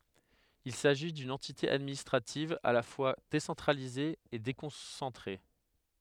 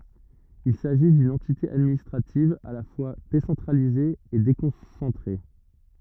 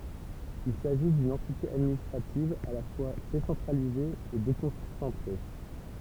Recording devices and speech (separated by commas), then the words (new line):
headset microphone, rigid in-ear microphone, temple vibration pickup, read sentence
Il s'agit d'une entité administrative à la fois décentralisée et déconcentrée.